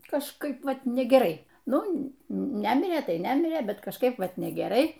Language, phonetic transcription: Lithuanian, kažˈkaip ˈvat negeˈrai ˈnu ˈnæmirė ˈtai ˈnæmirė ˈbet kažˈkaip ˈvat negeˈrai

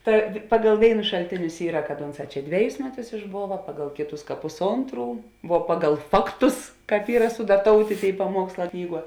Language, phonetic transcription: Lithuanian, ˈta ˈpagal ˈvėinus šalˈtėnius ˈyra kad ˈunˌsā ˈčia ˈdveˌjus ˈmeˌtus išˈbova ˈpagal ˈkėˌtus pusˈontˌrų vuo ˈpagal ˈfakˌtus ˈkāp ˈyra sudaˈtoutė ˈtėi paˈmuoksˌlā ˈknyˌguo

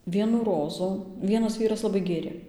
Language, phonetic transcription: Lithuanian, ˈvienų ˈrozų ˈvienas ˈvyras laˈbai ˈgėrė

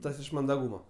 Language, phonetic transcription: Lithuanian, ˈtas iš mandaˈgūma

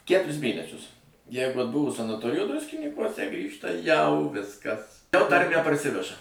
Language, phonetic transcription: Lithuanian, ˈkæturis ˈmėnesius ˈjeigu atˈbuvo sanaˈtorijo ˈdruskinykuose ˈgrįžta jau ˈviskas jau ˈtarmę parˈsiveža

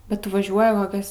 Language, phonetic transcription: Lithuanian, bet ˈtu vaˈžiuoji koˈkias

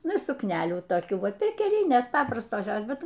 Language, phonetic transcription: Lithuanian, ˈnu sukˈnelių toˈkių ˈva perkeˈlinės ˈpaprastos ˈjos ˈbet

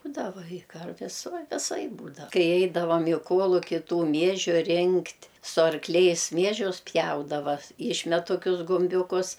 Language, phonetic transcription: Lithuanian, ˈbūdava i ˈkarvis ˈva viˈsaip ˈbūdav ˈkai ˈeidavam i ˈkuoluki ˈtų ˈmiežiu ˈrinkt' su arkˈliais ˈmiežius ˈpjaudava ˈišmet toˈkius gumˈbiūkus

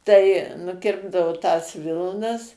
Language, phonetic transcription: Lithuanian, tai nuˈkirpdavo tas ˈvilnas

